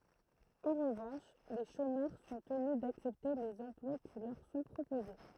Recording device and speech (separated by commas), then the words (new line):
throat microphone, read sentence
En revanche, les chômeurs sont tenus d’accepter les emplois qui leur sont proposés.